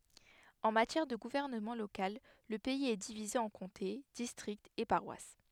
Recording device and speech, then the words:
headset microphone, read sentence
En matière de gouvernement local, le pays est divisé en comtés, districts et paroisses.

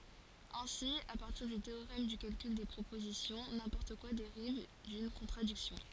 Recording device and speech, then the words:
forehead accelerometer, read sentence
Ainsi à partir du théorème du calcul des propositions, n'importe quoi dérive d'une contradiction.

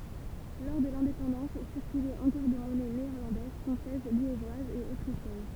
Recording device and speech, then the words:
temple vibration pickup, read sentence
Lors de l'indépendance circulaient encore des monnaies néerlandaises, françaises, liégeoises et autrichiennes.

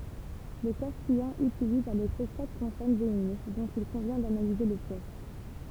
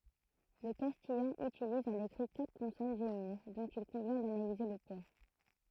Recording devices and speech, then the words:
temple vibration pickup, throat microphone, read sentence
Le castillan utilise à l'écrit quatre consonnes géminées dont il convient d'analyser le poids.

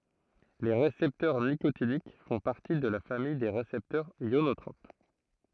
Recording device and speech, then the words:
throat microphone, read sentence
Les récepteurs nicotiniques font partie de la famille des récepteurs ionotropes.

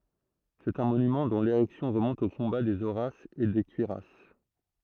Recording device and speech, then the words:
throat microphone, read sentence
C'est un monument dont l'érection remonte au combat des Horaces et des Curiaces.

